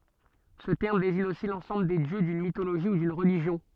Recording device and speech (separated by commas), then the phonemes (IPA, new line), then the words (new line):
soft in-ear microphone, read sentence
sə tɛʁm deziɲ osi lɑ̃sɑ̃bl de djø dyn mitoloʒi u dyn ʁəliʒjɔ̃
Ce terme désigne aussi l'ensemble des dieux d'une mythologie ou d'une religion.